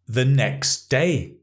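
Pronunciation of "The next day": In 'the next day', the t at the end of 'next' is dropped.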